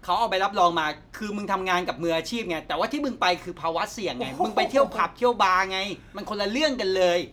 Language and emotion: Thai, angry